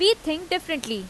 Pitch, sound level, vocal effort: 315 Hz, 89 dB SPL, very loud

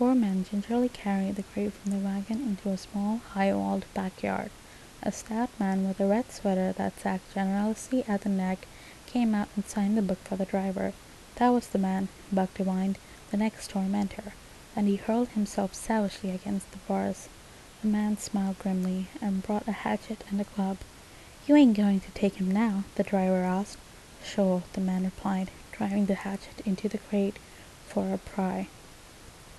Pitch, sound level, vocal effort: 200 Hz, 74 dB SPL, soft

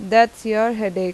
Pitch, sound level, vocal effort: 220 Hz, 90 dB SPL, loud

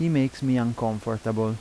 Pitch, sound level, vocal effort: 115 Hz, 85 dB SPL, normal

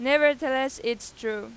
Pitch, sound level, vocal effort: 265 Hz, 97 dB SPL, very loud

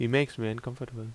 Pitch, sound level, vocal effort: 120 Hz, 78 dB SPL, normal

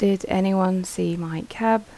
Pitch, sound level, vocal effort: 190 Hz, 78 dB SPL, soft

